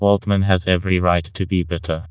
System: TTS, vocoder